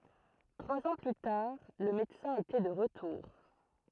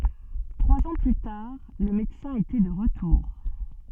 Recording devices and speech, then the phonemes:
throat microphone, soft in-ear microphone, read sentence
tʁwaz ɑ̃ ply taʁ lə medəsɛ̃ etɛ də ʁətuʁ

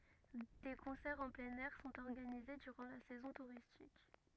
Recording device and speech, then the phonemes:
rigid in-ear microphone, read sentence
de kɔ̃sɛʁz ɑ̃ plɛ̃n ɛʁ sɔ̃t ɔʁɡanize dyʁɑ̃ la sɛzɔ̃ tuʁistik

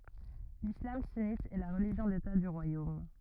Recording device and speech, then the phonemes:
rigid in-ear microphone, read sentence
lislam synit ɛ la ʁəliʒjɔ̃ deta dy ʁwajom

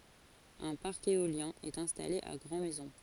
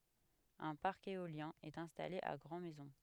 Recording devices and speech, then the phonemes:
forehead accelerometer, headset microphone, read sentence
œ̃ paʁk eoljɛ̃ ɛt ɛ̃stale a ɡʁɑ̃ mɛzɔ̃

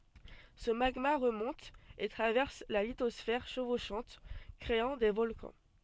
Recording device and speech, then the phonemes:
soft in-ear microphone, read sentence
sə maɡma ʁəmɔ̃t e tʁavɛʁs la litɔsfɛʁ ʃəvoʃɑ̃t kʁeɑ̃ de vɔlkɑ̃

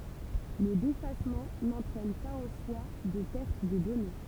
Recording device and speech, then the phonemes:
temple vibration pickup, read sentence
lə defasmɑ̃ nɑ̃tʁɛn paz ɑ̃ swa də pɛʁt də dɔne

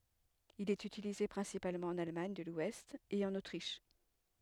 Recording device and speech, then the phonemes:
headset microphone, read sentence
il ɛt ytilize pʁɛ̃sipalmɑ̃ ɑ̃n almaɲ də lwɛst e ɑ̃n otʁiʃ

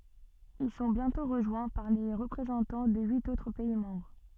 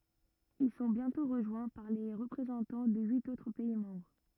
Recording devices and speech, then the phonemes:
soft in-ear microphone, rigid in-ear microphone, read sentence
il sɔ̃ bjɛ̃tɔ̃ ʁəʒwɛ̃ paʁ le ʁəpʁezɑ̃tɑ̃ də yit otʁ pɛi mɑ̃bʁ

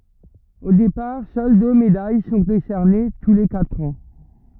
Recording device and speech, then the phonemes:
rigid in-ear microphone, read sentence
o depaʁ sœl dø medaj sɔ̃ desɛʁne tu le katʁ ɑ̃

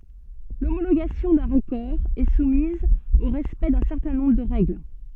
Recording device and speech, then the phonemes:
soft in-ear microphone, read sentence
lomoloɡasjɔ̃ dœ̃ ʁəkɔʁ ɛ sumiz o ʁɛspɛkt dœ̃ sɛʁtɛ̃ nɔ̃bʁ də ʁɛɡl

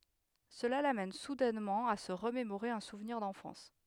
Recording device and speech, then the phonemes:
headset microphone, read sentence
səla lamɛn sudɛnmɑ̃ a sə ʁəmemoʁe œ̃ suvniʁ dɑ̃fɑ̃s

